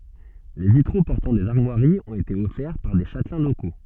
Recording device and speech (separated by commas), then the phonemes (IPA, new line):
soft in-ear microphone, read sentence
le vitʁo pɔʁtɑ̃ dez aʁmwaʁiz ɔ̃t ete ɔfɛʁ paʁ de ʃatlɛ̃ loko